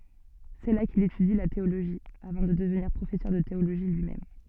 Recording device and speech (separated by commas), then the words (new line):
soft in-ear microphone, read sentence
C'est là qu'il étudie la théologie, avant de devenir professeur de théologie lui-même.